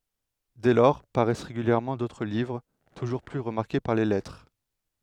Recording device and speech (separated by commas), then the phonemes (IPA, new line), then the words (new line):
headset microphone, read sentence
dɛ lɔʁ paʁɛs ʁeɡyljɛʁmɑ̃ dotʁ livʁ tuʒuʁ ply ʁəmaʁke paʁ le lɛtʁe
Dès lors paraissent régulièrement d’autres livres, toujours plus remarqués par les lettrés.